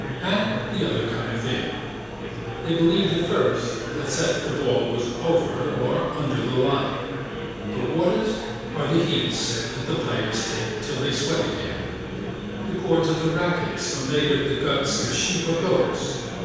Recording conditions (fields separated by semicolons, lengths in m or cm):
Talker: one person; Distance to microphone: 7.1 m; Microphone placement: far; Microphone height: 1.7 m; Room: very reverberant, large; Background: babble